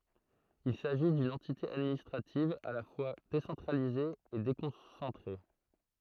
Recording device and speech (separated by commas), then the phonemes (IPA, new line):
throat microphone, read sentence
il saʒi dyn ɑ̃tite administʁativ a la fwa desɑ̃tʁalize e dekɔ̃sɑ̃tʁe